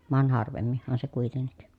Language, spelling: Finnish, vaan harvemminhan se kuitenkin
- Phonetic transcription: van harvemmihhan se kuitennik .

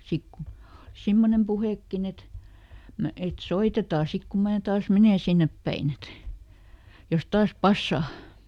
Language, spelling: Finnish, sitten kun oli semmoinen puhekin että - että soitetaan sitten kun minä taas menen sinne päin että jos taas passaa
- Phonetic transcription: ˈsik ku , (oli) "simmonem puhèkkin ‿et , ˈmä- et "soitetaa ˈsik ku ˈmää ˈtaas "menen̬ ˈsinnep päin ‿et , ˈjos ˈtaas "passà .

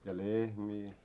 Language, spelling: Finnish, ja lehmiä ja
- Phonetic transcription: ja 'lehmii ja .

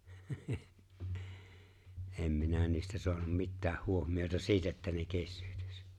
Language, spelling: Finnish, en minä niistä saanut mitään huomiota siitä että ne kesyyntyisi
- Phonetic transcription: '’em "minä niistä 'so̭anum "mittääh 'huohmiota "siitä että ne 'kessʏʏtʏs .

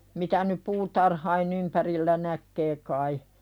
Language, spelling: Finnish, mitä nyt puutarhojen ympärillä näkee kai
- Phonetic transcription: mitä nyp "puutarhain ‿ympärillä 'näkkee kai .

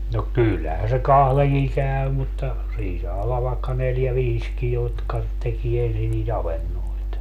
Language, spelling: Finnish, no kyllähän se kahdenkin käy mutta siinä saa olla vaikka neljä viisikin jotka tekee ensin niitä avantoja
- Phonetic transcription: no 'kyllähän se 'kahleŋkiŋ 'käy mutta , 'siin saa ollav vaekka 'neljä "viiski jotka , tekie 'ensin nii"t ‿avennoit .

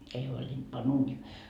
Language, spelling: Finnish, ei huolinut panna uuniin
- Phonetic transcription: ei huoĺinD pa'n ‿uunii .

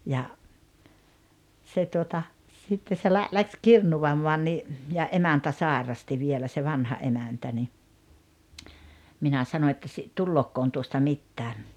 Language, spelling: Finnish, ja se tuota sitten se - lähti kirnuamaan niin ja emäntä sairasti vielä se vanha emäntä niin minä sanoin että - tuleekohan tuosta mitään
- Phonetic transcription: ja , se tuota , sitte se lä- , läks "kirnuvammɔan ni , ja '’emäntä "sàerasti vielä se "vanha '’emäntä ni , 'minä 'sano että si- , » "tullookkoon 'tuosta "mittää « .

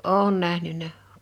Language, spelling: Finnish, olen nähnyt
- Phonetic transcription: òᵘn 'nähnyn̆nä .

